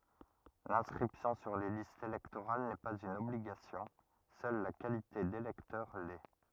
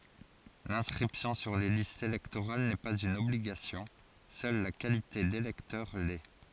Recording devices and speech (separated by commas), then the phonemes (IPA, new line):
rigid in-ear microphone, forehead accelerometer, read sentence
lɛ̃skʁipsjɔ̃ syʁ le listz elɛktoʁal nɛ paz yn ɔbliɡasjɔ̃ sœl la kalite delɛktœʁ lɛ